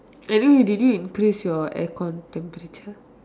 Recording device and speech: standing microphone, conversation in separate rooms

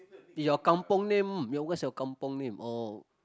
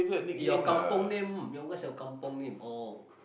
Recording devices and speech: close-talking microphone, boundary microphone, conversation in the same room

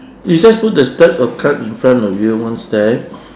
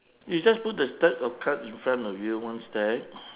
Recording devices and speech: standing microphone, telephone, conversation in separate rooms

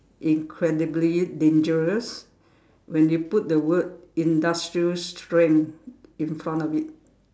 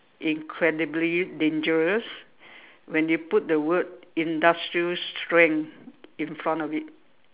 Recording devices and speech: standing microphone, telephone, conversation in separate rooms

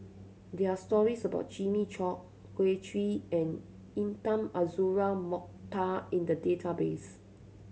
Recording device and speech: mobile phone (Samsung C7100), read sentence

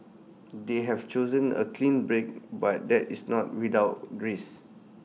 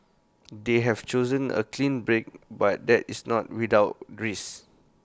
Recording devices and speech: mobile phone (iPhone 6), close-talking microphone (WH20), read sentence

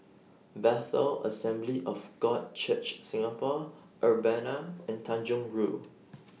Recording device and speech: mobile phone (iPhone 6), read sentence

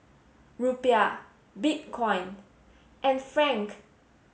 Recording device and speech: mobile phone (Samsung S8), read sentence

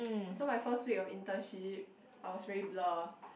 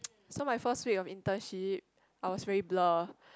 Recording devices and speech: boundary microphone, close-talking microphone, conversation in the same room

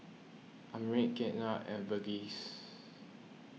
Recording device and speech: mobile phone (iPhone 6), read sentence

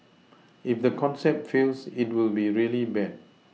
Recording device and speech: mobile phone (iPhone 6), read sentence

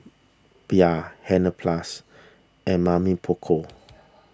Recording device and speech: standing microphone (AKG C214), read sentence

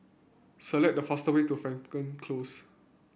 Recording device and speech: boundary microphone (BM630), read sentence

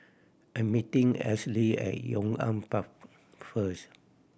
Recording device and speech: boundary microphone (BM630), read sentence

